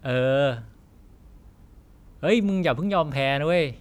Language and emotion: Thai, neutral